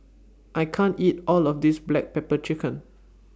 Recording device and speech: standing microphone (AKG C214), read sentence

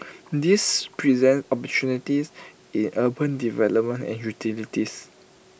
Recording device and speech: boundary microphone (BM630), read sentence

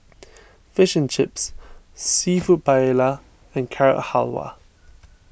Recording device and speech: boundary microphone (BM630), read sentence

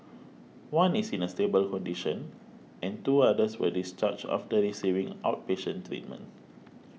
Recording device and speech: mobile phone (iPhone 6), read sentence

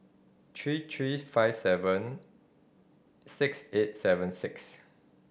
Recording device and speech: boundary microphone (BM630), read sentence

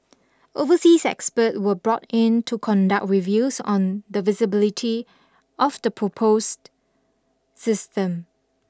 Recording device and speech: standing microphone (AKG C214), read sentence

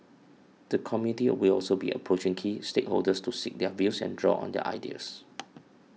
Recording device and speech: mobile phone (iPhone 6), read sentence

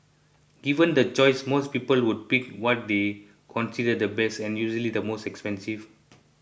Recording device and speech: boundary microphone (BM630), read sentence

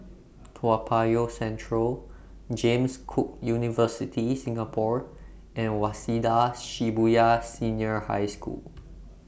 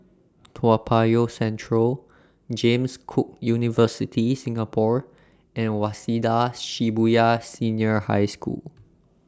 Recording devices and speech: boundary microphone (BM630), standing microphone (AKG C214), read sentence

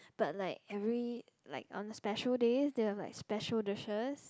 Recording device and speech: close-talking microphone, conversation in the same room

